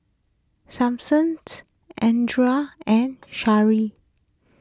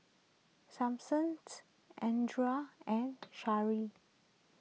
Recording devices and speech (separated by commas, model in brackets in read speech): close-talking microphone (WH20), mobile phone (iPhone 6), read sentence